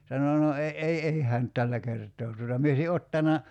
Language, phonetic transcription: Finnish, 'sano » no e ’ei 'ei hään (nyt) 'tällä kert̆too tuota « mie ośi 'ottana ,.
- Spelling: sanoi no ei ei ei hän nyt tällä kertaa tuota minä olisin ottanut

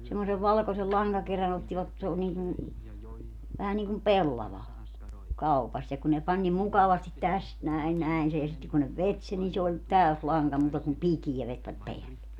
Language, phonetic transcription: Finnish, semmosev 'valkosel 'laŋgakerän ‿ottivat , s ‿oo niikun̬ , vähä niikum "pellava , 'kaupast - ja ku ne 'pań nim 'mukavastit "täst 'näin 'näin sej ja sitte kun ne 'vet sen ni se oĺ , "täös "laŋka muuta kum "pikijä vetvät 'peälle .
- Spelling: semmoisen valkoisen lankakerän ottivat se on niin kuin vähän niin kuin pellava kaupasta ja kun ne pani niin mukavasti tästä näin näin sen ja sitten kun ne veti sen niin se oli täysi lanka muuta kuin pikeä vetivät päälle

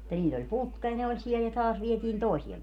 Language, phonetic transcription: Finnish, [mut]ta 'niill ‿oĺ "putka ja ne oĺ 'siel ja 'taas vietiin "tòisiem ,.
- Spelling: mutta niillä oli putka ja ne oli siellä ja taas vietiin toiseen

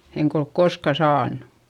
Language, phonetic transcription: Finnish, eŋk ‿olk korska saannU .
- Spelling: enkä ole koskaan saanut

